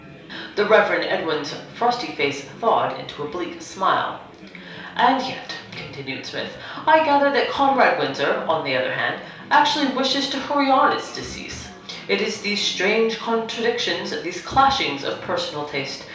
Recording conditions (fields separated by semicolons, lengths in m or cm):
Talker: one person; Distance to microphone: 3.0 m; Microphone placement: far; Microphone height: 1.8 m; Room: small (3.7 m by 2.7 m); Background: babble